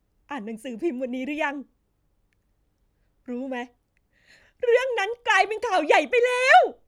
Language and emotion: Thai, happy